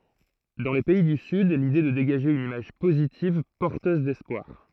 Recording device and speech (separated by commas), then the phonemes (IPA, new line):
throat microphone, read sentence
dɑ̃ le pɛi dy syd lide ɛ də deɡaʒe yn imaʒ pozitiv pɔʁtøz dɛspwaʁ